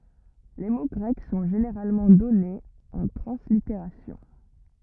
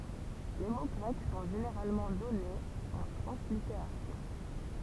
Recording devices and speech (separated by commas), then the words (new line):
rigid in-ear microphone, temple vibration pickup, read sentence
Les mots grecs sont généralement donnés en translittération.